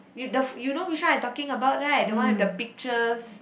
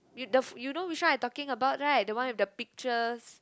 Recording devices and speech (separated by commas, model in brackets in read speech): boundary microphone, close-talking microphone, conversation in the same room